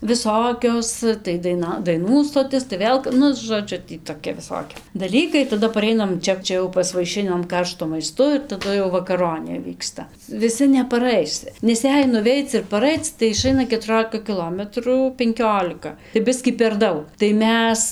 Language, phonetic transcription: Lithuanian, viˈsokios tai daiˈna daiˈnų stoˈtis tai ˈvėl ˈnu žoˈdžiu tį toˈkia viˈsokia daˈlykai taˈda paˈreinam ˈčia ˈčia jau pasvaiˈšinam ˈkarštu maiˈstu ir taˈdu jau vakaˈronė ˈvyksta viˈsi nepaˈrais nes ˈjei nuˈveic ir paˈraic tai iˈšaina ketuˈrolika kiˈlometrų penˈkiolika tai ˈbiskį per ˈdaug tai ˈmes

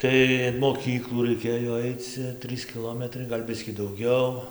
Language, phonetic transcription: Lithuanian, ˈtai in moˈkyklų raiˈkėjo ˈaic cia ˈtrɨs kiˈlometrai gal' ˈbiskį dauˈgiau

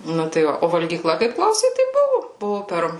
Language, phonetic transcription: Lithuanian, ˈnu tai ˈva o valgyˈkla kaip ˈklausei tai ˈbuvu ˈbuvu ˈper

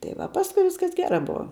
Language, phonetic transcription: Lithuanian, tai ˈva ˈpaskui ˈviskas ˈgerā ˈbuva

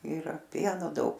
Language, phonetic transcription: Lithuanian, ˈira ˈpieno ˈdaug

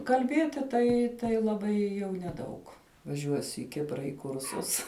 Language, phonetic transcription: Lithuanian, kalˈbieti ˈtai tai laˈbai jau neˈdaug vaˈžiuosiu i ˈkipra i ˈkursus

